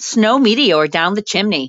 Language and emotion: English, fearful